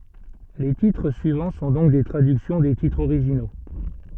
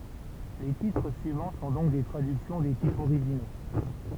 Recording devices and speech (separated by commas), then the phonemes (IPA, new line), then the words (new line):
soft in-ear microphone, temple vibration pickup, read sentence
le titʁ syivɑ̃ sɔ̃ dɔ̃k de tʁadyksjɔ̃ de titʁz oʁiʒino
Les titres suivants sont donc des traductions des titres originaux.